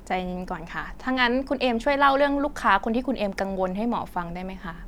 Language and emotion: Thai, neutral